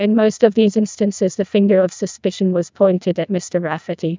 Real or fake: fake